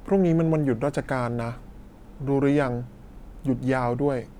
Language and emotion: Thai, neutral